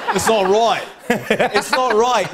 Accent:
Australian accent